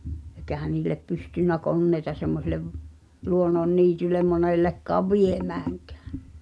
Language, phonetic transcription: Finnish, ekähä niil̆lep pystynnä "konneita semmoselev , 'luonnon"niitylem 'monellekkaav "viemääŋkᴀ̈ᴀ̈ .
- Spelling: eikä niille pystynyt koneita semmoiselle luonnonniitylle monellekaan viemäänkään

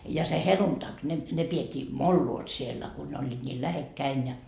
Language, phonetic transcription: Finnish, ja se "heluntak , ne , ne piet́t́ii "molluot siellä ku ne oĺĺiit ńiil 'lähekkäin ja .
- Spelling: ja se helluntai ne ne pidettiin molloot siellä kun ne olivat niin lähekkäin ja

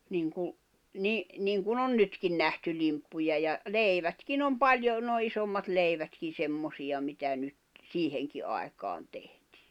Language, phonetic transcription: Finnish, niŋkuˡ , ni- , 'niŋkun ‿on 'nytkin nähty 'limppuja ja , "leivätkin ‿om "paljo , nòi̬ 'isommat 'leivätkin̬ 'semmosiʲa mitä nyt , 'siiheŋki ai̬kaan tehtɪɪ .
- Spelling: niin kuin - niin kuin on nytkin nähty limppuja ja leivätkin on paljon noin isommat leivätkin semmoisia mitä nyt siihenkin aikaan tehtiin

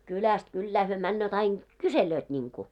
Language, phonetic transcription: Finnish, kyläst 'kyllää hyö 'männööt ‿ain , "kuselööt ńiŋku .
- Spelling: kylästä kylään he menevät aina kyselevät niin kuin

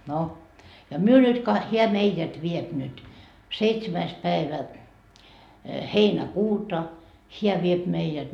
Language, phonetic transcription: Finnish, no , ja 'myö nyt ka- , 'heä "meijät 'viep nyt , 'seitsemäis päevä , 'heinä"kuuta , 'heä viep meijät .
- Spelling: no ja me nyt - hän meidät vie nyt seitsemäs päivä heinäkuuta hän vie meidät

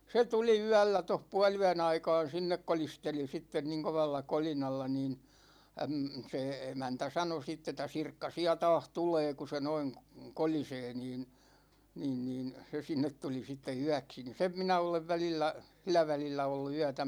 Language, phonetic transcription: Finnish, 'se 'tuli "yällä toh 'pual₍-yä'n ‿aikaan̬ "sinnek 'kolisteli 'sitten niŋ 'kovalla 'kolinalla niin , əm , se 'emäntä "sano sitt ‿et̆tä » "Sirkka 'siä 'taah "tulee ku se noin , 'kolisee « niin , 'niin niin , 'se 'sinnet tuli sitte 'yäksi ni "sem 'minä olev 'välillä , 'sil̆lä välillä ollu 'yätä .
- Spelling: se tuli yöllä tuossa puoliyön aikaan sinne kolisteli sitten niin kovalla kolinalla niin - se emäntä sanoi sitten että Sirkka siellä taas tulee kun se noin kolisee niin niin niin se sinne tuli sitten yöksi niin sen minä olen välillä sillä välillä ollut yötä

